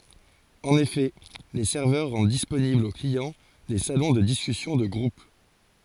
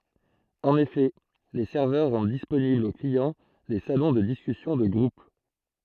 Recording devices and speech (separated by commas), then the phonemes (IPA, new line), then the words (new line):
forehead accelerometer, throat microphone, read sentence
ɑ̃n efɛ le sɛʁvœʁ ʁɑ̃d disponiblz o kliɑ̃ de salɔ̃ də diskysjɔ̃ də ɡʁup
En effet, les serveurs rendent disponibles aux clients des salons de discussions de groupe.